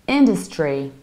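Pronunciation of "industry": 'Industry' is said in an American accent with the stress on the first syllable. The middle syllable is reduced, not said like the word 'dust'.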